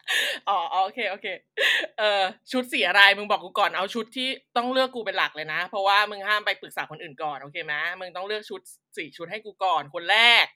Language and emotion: Thai, happy